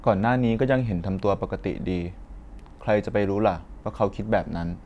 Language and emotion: Thai, neutral